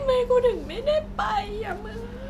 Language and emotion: Thai, sad